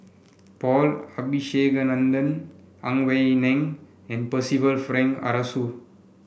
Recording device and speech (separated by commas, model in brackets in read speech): boundary microphone (BM630), read sentence